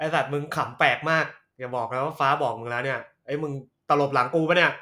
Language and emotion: Thai, happy